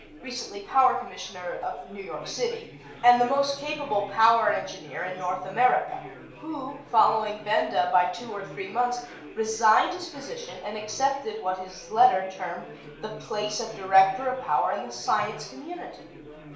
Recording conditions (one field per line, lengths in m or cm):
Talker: one person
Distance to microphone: 1.0 m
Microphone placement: close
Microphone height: 1.1 m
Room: small (3.7 m by 2.7 m)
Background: babble